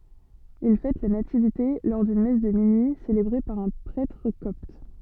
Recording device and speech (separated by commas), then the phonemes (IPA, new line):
soft in-ear microphone, read sentence
il fɛt la nativite lɔʁ dyn mɛs də minyi selebʁe paʁ œ̃ pʁɛtʁ kɔpt